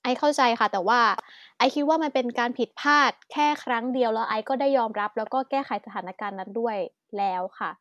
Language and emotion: Thai, frustrated